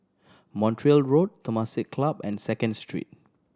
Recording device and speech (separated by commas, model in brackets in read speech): standing microphone (AKG C214), read sentence